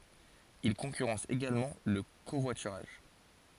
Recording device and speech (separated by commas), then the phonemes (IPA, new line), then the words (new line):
forehead accelerometer, read sentence
il kɔ̃kyʁɑ̃s eɡalmɑ̃ lə kovwatyʁaʒ
Il concurrence également le covoiturage.